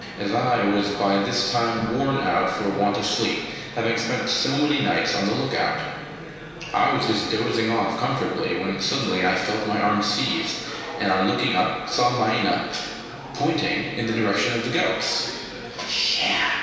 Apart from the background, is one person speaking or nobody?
One person.